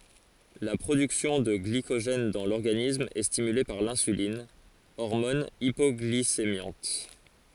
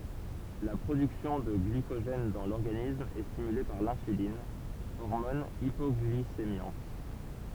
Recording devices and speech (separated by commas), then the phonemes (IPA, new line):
forehead accelerometer, temple vibration pickup, read sentence
la pʁodyksjɔ̃ də ɡlikoʒɛn dɑ̃ lɔʁɡanism ɛ stimyle paʁ lɛ̃sylin ɔʁmɔn ipɔɡlisemjɑ̃t